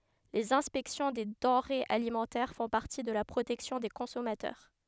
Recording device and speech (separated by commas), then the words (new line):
headset microphone, read sentence
Les inspections des denrées alimentaires font partie de la protection des consommateurs.